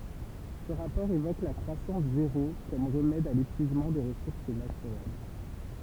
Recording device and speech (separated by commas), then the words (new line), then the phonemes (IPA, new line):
temple vibration pickup, read sentence
Ce rapport évoque la croissance zéro comme remède à l'épuisement des ressources naturelles.
sə ʁapɔʁ evok la kʁwasɑ̃s zeʁo kɔm ʁəmɛd a lepyizmɑ̃ de ʁəsuʁs natyʁɛl